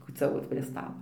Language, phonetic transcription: Lithuanian, kūciaˈvot prie stalo

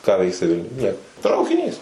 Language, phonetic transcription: Lithuanian, ką ˈveiksi ˈvilniuj ˈnieko traukiˈnys

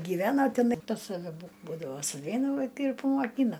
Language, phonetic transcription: Lithuanian, gyˈveno teˈnai pas saˈve bu ˈbūdavo suˈveina ˈvaikai ir pamoˈkyna

